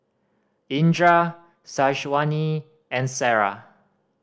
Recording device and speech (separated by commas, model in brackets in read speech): standing microphone (AKG C214), read sentence